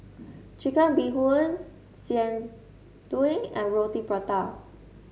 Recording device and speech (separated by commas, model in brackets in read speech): mobile phone (Samsung S8), read sentence